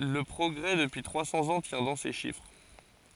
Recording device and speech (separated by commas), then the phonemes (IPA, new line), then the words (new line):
forehead accelerometer, read sentence
lə pʁɔɡʁɛ dəpyi tʁwa sɑ̃z ɑ̃ tjɛ̃ dɑ̃ se ʃifʁ
Le progrès depuis trois cents ans tient dans ces chiffres.